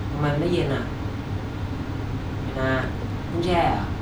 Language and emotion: Thai, neutral